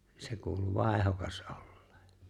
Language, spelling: Finnish, se kuului vaihdokas olleen
- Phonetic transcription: 'se kuulu "vài̬hokas '’ᴏʟʟᴇᴇ .

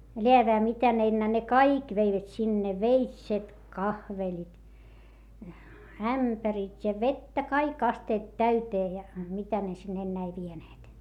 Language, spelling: Finnish, läävään mitä ne enää ne kaikki veivät sinne veitset kahvelit ämpärit ja vettä kaikki astiat täyteen ja mitä ne sinne enää ei vieneet
- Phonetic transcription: leäveä mitä ne ennää ne kaik veivät sinne - veitset kahvelit , ämpärit́ ja vettä kaik asteet täytee ja , mitä ne sinn ‿enneä ei vieneet .

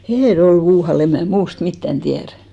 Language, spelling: Finnish, Hinnerjoella en muualla en minä muusta mitään tiedä
- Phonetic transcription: 'Hinnerjol em 'muuhal , 'em mää 'muust "mittän tiärᴀ̈ .

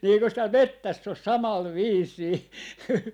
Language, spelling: Finnish, niin eikös täällä metsässä ole samalla viisiin
- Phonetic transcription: ni 'eikös tääl "mettäs os "samal "viis̆sii » .

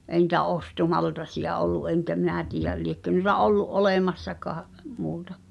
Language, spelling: Finnish, ei niitä ostomaltaita ollut enkä minä tiedä liekö noita ollut olemassakaan muuta
- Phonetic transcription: ’eĭ ni̳tä "ostomaltasiʲa ollu , '’eŋkä "minä tiijä , 'liekkö n(uⁱ)ta 'ollu’ "’olèmassakaa’ , 'muuta .

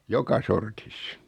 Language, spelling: Finnish, joka sortissa
- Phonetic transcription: 'joka 'sortis .

